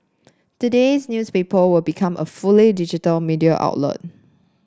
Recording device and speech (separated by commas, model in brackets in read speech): standing microphone (AKG C214), read sentence